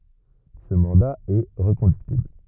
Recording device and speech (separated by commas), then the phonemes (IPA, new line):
rigid in-ear microphone, read sentence
sə mɑ̃da ɛ ʁəkɔ̃dyktibl